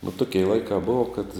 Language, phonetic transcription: Lithuanian, vo ˈtuki i ˈlaikā ˈbova kad

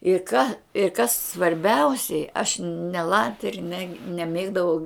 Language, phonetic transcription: Lithuanian, ir ˈką ir kas svarˈbiausiai aš ne ˈlatri ne neˈmėgdavau

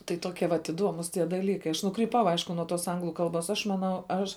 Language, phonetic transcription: Lithuanian, tai ˈtokie vat iˈduomus tie daˈlykai aš nukryˈpau ˈaišku nuo tos ˈanglu ˈkalbos aš maˈnau ˈaš

